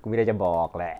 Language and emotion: Thai, neutral